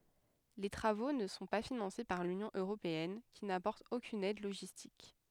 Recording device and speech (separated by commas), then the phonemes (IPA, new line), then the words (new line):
headset microphone, read sentence
le tʁavo nə sɔ̃ pa finɑ̃se paʁ lynjɔ̃ øʁopeɛn ki napɔʁt okyn ɛd loʒistik
Les travaux ne sont pas financés par l'Union européenne, qui n'apporte aucune aide logistique.